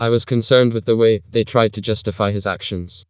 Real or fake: fake